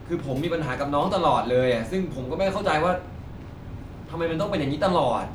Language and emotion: Thai, frustrated